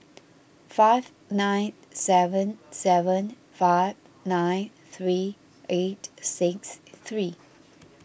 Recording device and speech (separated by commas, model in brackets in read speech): boundary microphone (BM630), read sentence